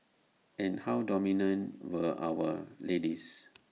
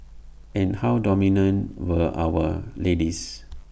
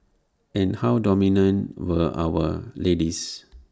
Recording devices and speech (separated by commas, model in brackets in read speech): mobile phone (iPhone 6), boundary microphone (BM630), standing microphone (AKG C214), read sentence